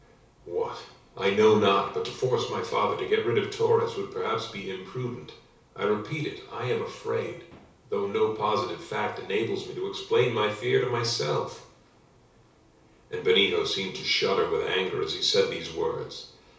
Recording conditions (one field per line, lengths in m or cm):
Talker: one person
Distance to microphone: 3.0 m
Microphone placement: far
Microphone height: 1.8 m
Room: small (3.7 m by 2.7 m)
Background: none